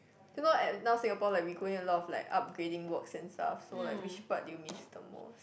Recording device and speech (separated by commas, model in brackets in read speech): boundary microphone, conversation in the same room